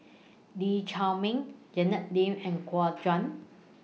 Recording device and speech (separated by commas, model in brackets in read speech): mobile phone (iPhone 6), read sentence